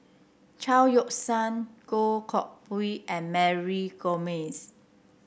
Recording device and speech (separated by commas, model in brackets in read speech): boundary microphone (BM630), read sentence